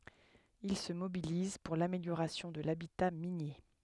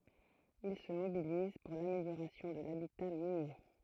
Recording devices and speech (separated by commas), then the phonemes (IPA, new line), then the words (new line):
headset microphone, throat microphone, read sentence
il sə mobiliz puʁ lameljoʁasjɔ̃ də labita minje
Il se mobilise pour l'amélioration de l'habitat minier.